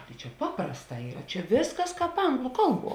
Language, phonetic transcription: Lithuanian, tai čia ˈpaprasˌtā ˈyra ˈčia ˈvėsˌkas ˈkāp ˈanglu ˈkalˌbuo

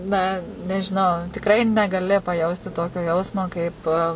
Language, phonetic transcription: Lithuanian, na nežiˈnau tikˈrai negaˈli paˈjausti ˈtokio ˈjausmo kaip

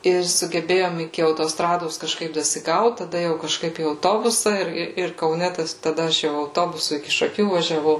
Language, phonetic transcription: Lithuanian, ir sugeˈbėjom iki autoˈstrados kažˈkaip dasiˈgaut taˈda jau kažˈkaip į auˈtobusa ˈir ˈir ir kauˈne ˈtas taˈda ˈaš jau auˈtobusu iki šaˈkių važiaˈvau

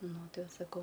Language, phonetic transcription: Lithuanian, ˈnu ˈtai ˈva saˈkau

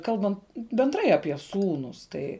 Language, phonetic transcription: Lithuanian, ˈkalbant benˈdrai apie ˈsūnus ˈtai

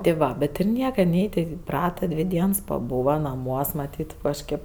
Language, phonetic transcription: Lithuanian, ti ˈva bet ir ˈnieka ˈnei ten iˈprata ˈdvi ˈdiens paˈbūva naˈmuos maˈtyt kažˈkėp

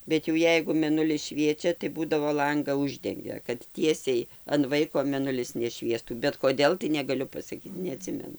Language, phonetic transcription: Lithuanian, ˈbet jau ˈjeigu meˈnulis ˈšviečia tai ˈbūdavo ˈlanga ˈuždengia kad ˈtiesiai an ˈvaiko meˈnulis neˈšviestų bet koˈdėl tai negaˈliu pasaˈkyt neaˈtsimenu

